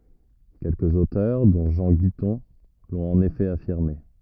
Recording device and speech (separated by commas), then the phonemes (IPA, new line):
rigid in-ear microphone, read sentence
kɛlkəz otœʁ dɔ̃ ʒɑ̃ ɡitɔ̃ lɔ̃t ɑ̃n efɛ afiʁme